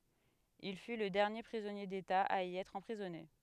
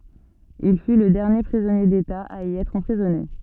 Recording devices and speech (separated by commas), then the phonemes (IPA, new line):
headset microphone, soft in-ear microphone, read sentence
il fy lə dɛʁnje pʁizɔnje deta a i ɛtʁ ɑ̃pʁizɔne